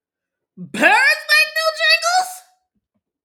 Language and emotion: English, disgusted